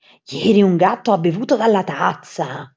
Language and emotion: Italian, surprised